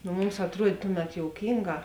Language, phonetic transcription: Lithuanian, nu ˈmums atˈruod' ˈtuˌmet ˈjoukynˌgā

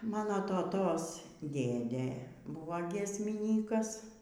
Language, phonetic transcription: Lithuanian, ˈmano toˈtos ˈdėdė ˈbūva giesmiˈnykas

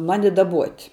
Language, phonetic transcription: Lithuanian, ˈmani daˈbuot'

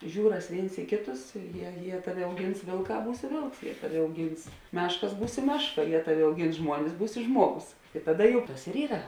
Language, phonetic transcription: Lithuanian, ˈžiūras ˈvėins i ˈkėˌtus ˈjie jie ˈtaˌvi auˈgins ˈvėlˌkā ˈbūsi ˈvėlks ˈtaˌvi auˈgins ˈmeškas ˈmešˌka ˈjie ˈtaˌvi auˈgins ˈžmuonis ˈbūsi ˈžmuoˌgus i ˈtaˌda jau ˈtas ir ˈyra

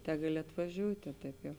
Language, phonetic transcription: Lithuanian, ˈtegaˌli atvaˈžiūtė ˈtaip jau

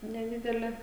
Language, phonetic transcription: Lithuanian, neˈdidele

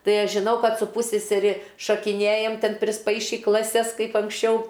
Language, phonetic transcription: Lithuanian, ˈtai ˈaš žiˈnau ˈkad su ˈpūsseseri šakiˈnėjam ˈten prisˈpaišį klaˈses ˈkaip anksˈčiau

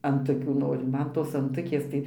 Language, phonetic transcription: Lithuanian, anˈtukių ˈnoriu ˈman ˈtos anˈtukės tai

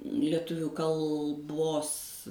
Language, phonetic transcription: Lithuanian, lieˈtuvių kalˈbos

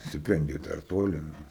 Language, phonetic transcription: Lithuanian, stiˈpendija dar ˈtoli ˈnu

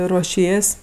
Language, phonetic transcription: Lithuanian, ruoˈšies'

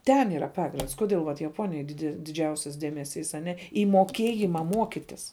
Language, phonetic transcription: Lithuanian, ˈten iˈra ˈpagrinds kuˈdil vat jaˈponijoj ˈdide diˈdžiausias ˈdiemesys aˈne į moˈkėjima ˈmuokitis

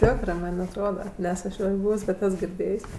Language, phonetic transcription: Lithuanian, ˈtekrɜ ˈman' atˈroda ˈnes aš ˈjoj ˈbūvs bet ˈes girˈdėjs'

